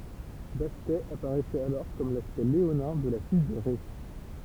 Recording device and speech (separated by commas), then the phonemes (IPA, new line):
temple vibration pickup, read sentence
bastɛ apaʁɛsɛt alɔʁ kɔm laspɛkt leonɛ̃ də la fij də ʁɛ